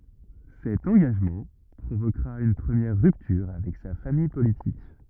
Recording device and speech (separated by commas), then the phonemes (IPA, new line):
rigid in-ear microphone, read sentence
sɛt ɑ̃ɡaʒmɑ̃ pʁovokʁa yn pʁəmjɛʁ ʁyptyʁ avɛk sa famij politik